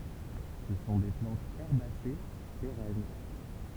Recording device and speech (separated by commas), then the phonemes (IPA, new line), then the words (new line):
temple vibration pickup, read sentence
sə sɔ̃ de plɑ̃tz ɛʁbase peʁɛn
Ce sont des plantes herbacées, pérennes.